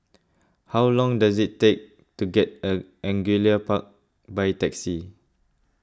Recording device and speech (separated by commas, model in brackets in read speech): close-talking microphone (WH20), read sentence